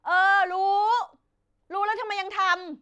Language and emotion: Thai, frustrated